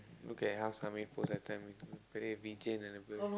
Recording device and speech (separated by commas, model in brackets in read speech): close-talking microphone, conversation in the same room